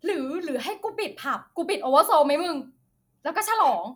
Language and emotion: Thai, happy